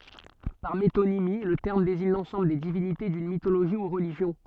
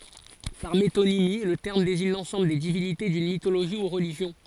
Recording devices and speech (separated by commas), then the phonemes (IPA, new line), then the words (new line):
soft in-ear microphone, forehead accelerometer, read sentence
paʁ metonimi lə tɛʁm deziɲ lɑ̃sɑ̃bl de divinite dyn mitoloʒi u ʁəliʒjɔ̃
Par métonymie, le terme désigne l'ensemble des divinités d'une mythologie ou religion.